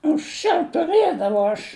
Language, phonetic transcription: Lithuanian, anksˈčiau tuˈrɘdavau aš

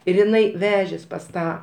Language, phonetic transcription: Lithuanian, ir iˈnai ˈvežės pas ˈtą

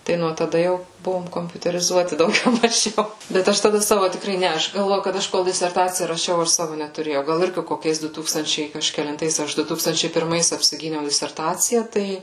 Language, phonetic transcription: Lithuanian, ˈtai nuo taˈda ˈjau ˈbuvom kompiuteriˈzuoti dauˈgiau maˈžiau bet ˈaš taˈda ˈsavo tikˈrai ˈne ˈaš galˈvoju kad ˈaš ˈkol diserˈtacija raˈšiau ˈaš ˈsavo netuˈrėjau ˈgal ˈirgi koˈkiais ˈdu ˈtūkstančiai kažkelinˈtais ˈaš ˈdu ˈtūkstančiai pirˈmais apsiˈgyniau diserˈtacija ˈtai

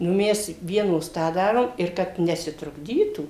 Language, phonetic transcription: Lithuanian, nu ˈmes ˈvienos ˈtą ˈdarom ir ˈkad nesitrukˈdytų

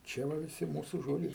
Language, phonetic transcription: Lithuanian, ˈčia va viˈsi ˈmūsu ˈžodžiai

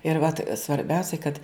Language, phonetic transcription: Lithuanian, ir vat svarˈbiausiai kad

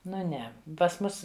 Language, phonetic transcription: Lithuanian, ˈnu ˈne pas ˈmus

